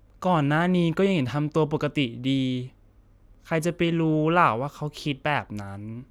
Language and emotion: Thai, sad